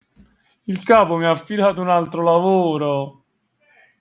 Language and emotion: Italian, sad